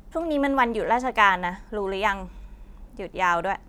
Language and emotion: Thai, frustrated